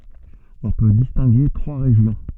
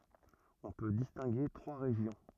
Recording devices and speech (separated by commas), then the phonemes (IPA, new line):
soft in-ear microphone, rigid in-ear microphone, read sentence
ɔ̃ pø distɛ̃ɡe tʁwa ʁeʒjɔ̃